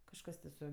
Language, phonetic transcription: Lithuanian, kažˈkas ti su

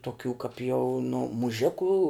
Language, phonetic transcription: Lithuanian, toˈkių kap jau nu muˈžikų

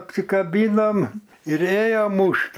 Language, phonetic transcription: Lithuanian, apsikaˈbynom ir ˈėjo ˈmušt

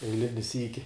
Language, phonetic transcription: Lithuanian, eiˈlini ˈsyki

